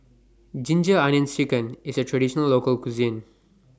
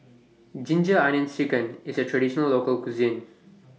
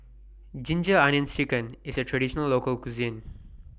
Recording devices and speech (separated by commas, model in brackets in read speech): standing microphone (AKG C214), mobile phone (iPhone 6), boundary microphone (BM630), read sentence